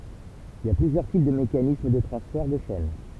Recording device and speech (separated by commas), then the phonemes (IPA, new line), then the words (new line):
temple vibration pickup, read sentence
il i a plyzjœʁ tip də mekanism də tʁɑ̃sfɛʁ də ʃɛn
Il y a plusieurs types de mécanisme de transfert de chaîne.